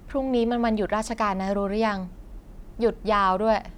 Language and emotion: Thai, neutral